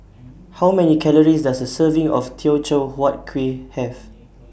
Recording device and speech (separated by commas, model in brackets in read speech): boundary microphone (BM630), read sentence